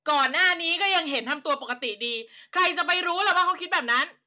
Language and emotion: Thai, angry